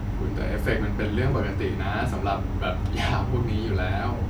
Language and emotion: Thai, happy